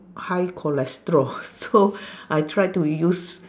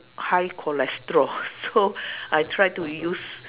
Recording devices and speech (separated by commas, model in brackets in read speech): standing microphone, telephone, conversation in separate rooms